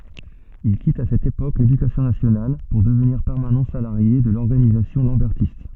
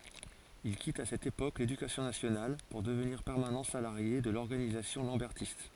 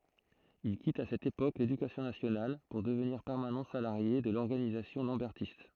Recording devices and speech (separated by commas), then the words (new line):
soft in-ear microphone, forehead accelerometer, throat microphone, read sentence
Il quitte à cette époque l'Éducation nationale pour devenir permanent salarié de l'organisation lambertiste.